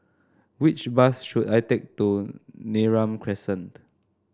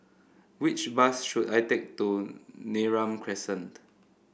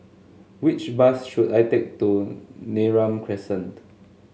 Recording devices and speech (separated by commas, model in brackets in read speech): standing microphone (AKG C214), boundary microphone (BM630), mobile phone (Samsung S8), read sentence